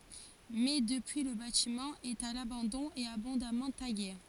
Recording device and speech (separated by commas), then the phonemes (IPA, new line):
forehead accelerometer, read sentence
mɛ dəpyi lə batimɑ̃ ɛt a labɑ̃dɔ̃ e abɔ̃damɑ̃ taɡe